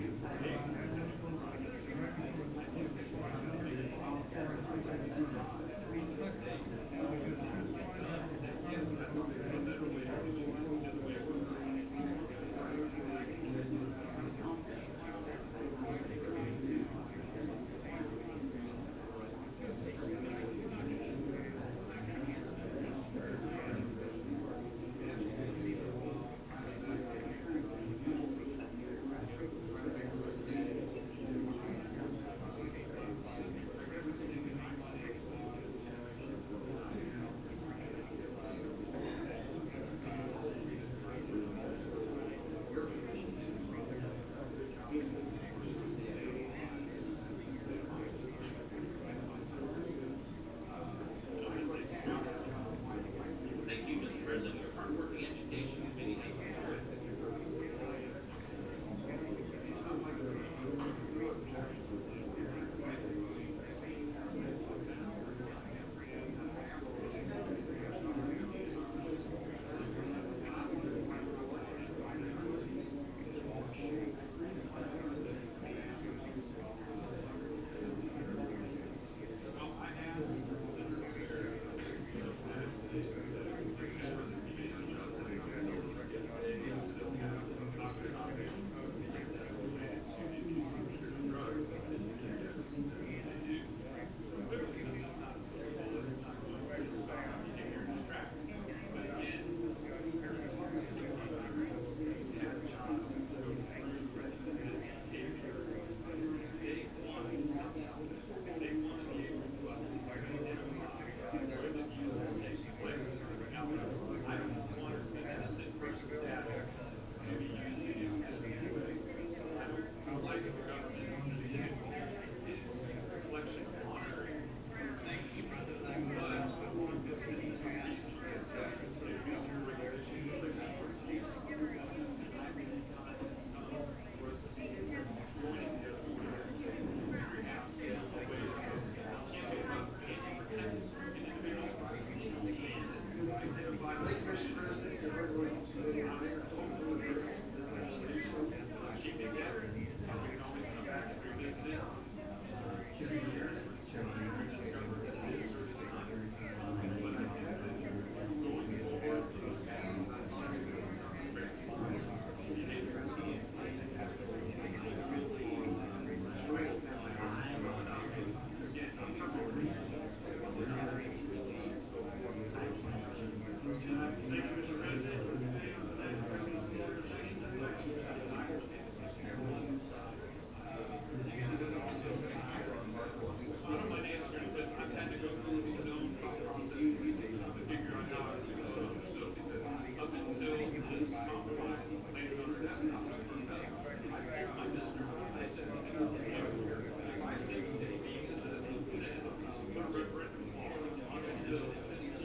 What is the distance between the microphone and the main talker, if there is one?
No main talker.